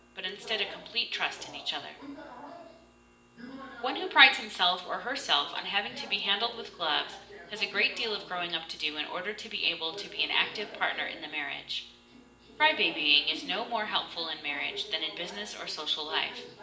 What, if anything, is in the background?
A television.